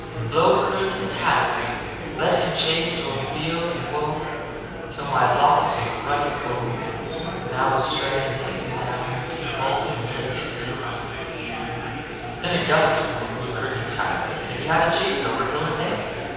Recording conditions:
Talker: one person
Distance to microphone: 7.1 m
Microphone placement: far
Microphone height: 1.7 m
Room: very reverberant, large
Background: babble

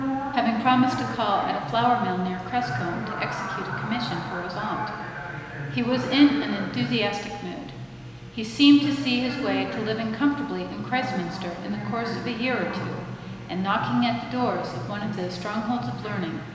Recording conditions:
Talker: one person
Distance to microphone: 1.7 m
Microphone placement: close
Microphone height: 1.0 m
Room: very reverberant, large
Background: television

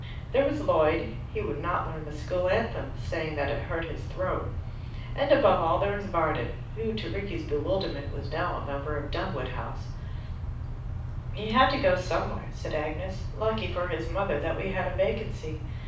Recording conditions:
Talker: one person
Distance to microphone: 5.8 m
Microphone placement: far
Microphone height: 1.8 m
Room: medium-sized (5.7 m by 4.0 m)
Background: none

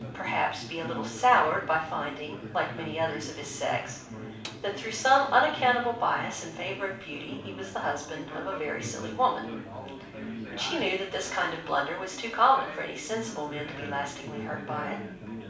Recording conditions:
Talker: one person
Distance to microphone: 5.8 m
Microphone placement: far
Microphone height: 1.8 m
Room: medium-sized (5.7 m by 4.0 m)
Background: babble

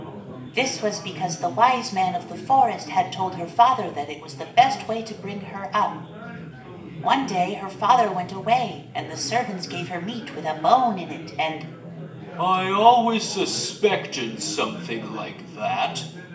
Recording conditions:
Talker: one person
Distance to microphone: 1.8 m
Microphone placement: close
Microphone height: 1.0 m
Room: large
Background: babble

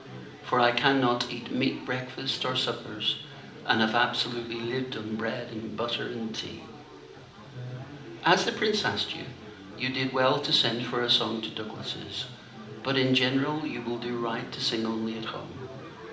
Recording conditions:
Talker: one person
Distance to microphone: 2.0 m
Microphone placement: close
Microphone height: 99 cm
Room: medium-sized (5.7 m by 4.0 m)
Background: babble

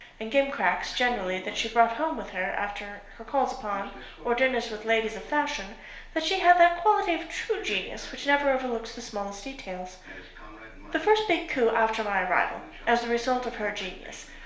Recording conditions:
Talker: one person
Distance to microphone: 1.0 m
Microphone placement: close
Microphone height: 1.1 m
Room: small (3.7 m by 2.7 m)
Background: television

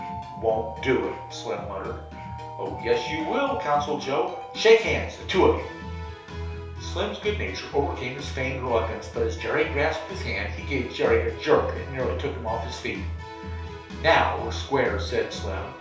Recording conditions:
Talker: one person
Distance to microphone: 3.0 m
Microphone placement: far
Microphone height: 1.8 m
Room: small (3.7 m by 2.7 m)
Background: music

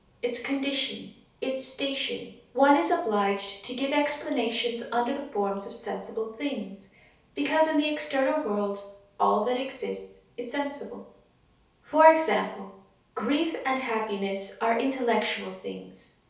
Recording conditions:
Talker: one person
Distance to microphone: 3.0 m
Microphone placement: far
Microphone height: 1.8 m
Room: small (3.7 m by 2.7 m)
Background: none

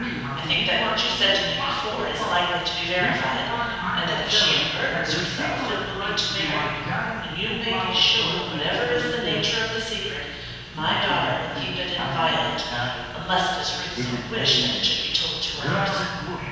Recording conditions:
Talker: one person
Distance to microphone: 7.1 m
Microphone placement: far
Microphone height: 1.7 m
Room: very reverberant, large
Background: television

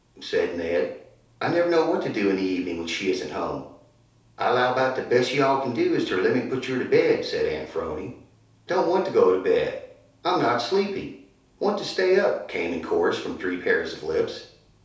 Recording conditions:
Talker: one person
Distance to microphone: 3.0 m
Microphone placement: far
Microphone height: 1.8 m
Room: small (3.7 m by 2.7 m)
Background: none

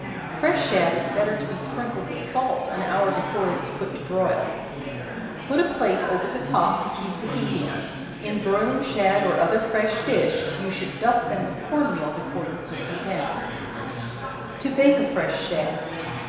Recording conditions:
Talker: one person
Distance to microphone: 1.7 m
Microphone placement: close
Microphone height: 1.0 m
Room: very reverberant, large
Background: babble

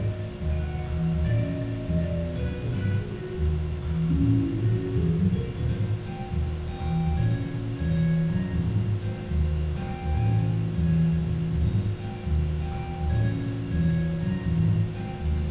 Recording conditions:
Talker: no one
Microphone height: 76 cm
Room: very reverberant, large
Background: music

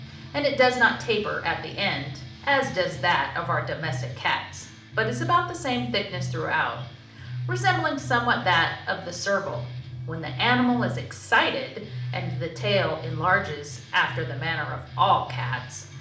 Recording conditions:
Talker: one person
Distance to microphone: 2.0 m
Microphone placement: close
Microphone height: 99 cm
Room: medium-sized (5.7 m by 4.0 m)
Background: music

